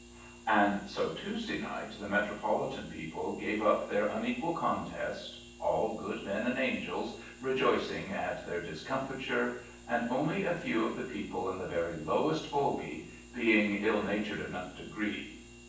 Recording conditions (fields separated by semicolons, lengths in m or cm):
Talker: one person; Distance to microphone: 9.8 m; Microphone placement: far; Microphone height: 1.8 m; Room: large; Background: none